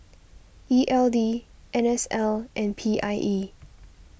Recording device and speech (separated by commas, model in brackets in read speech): boundary microphone (BM630), read sentence